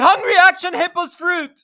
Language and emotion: English, sad